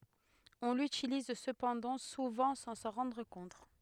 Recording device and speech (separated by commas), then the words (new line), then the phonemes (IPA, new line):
headset microphone, read sentence
On l'utilise cependant souvent sans s'en rendre compte.
ɔ̃ lytiliz səpɑ̃dɑ̃ suvɑ̃ sɑ̃ sɑ̃ ʁɑ̃dʁ kɔ̃t